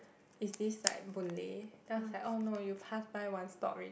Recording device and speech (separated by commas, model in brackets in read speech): boundary microphone, conversation in the same room